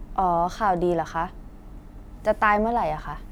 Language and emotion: Thai, angry